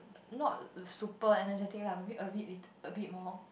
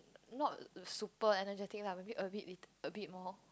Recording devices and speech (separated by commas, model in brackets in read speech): boundary microphone, close-talking microphone, conversation in the same room